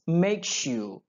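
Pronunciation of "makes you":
In 'makes you', the s sound at the end of 'makes' joins with the y of 'you' and becomes a sh sound.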